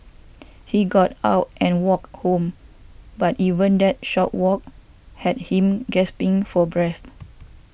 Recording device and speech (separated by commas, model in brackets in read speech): boundary microphone (BM630), read sentence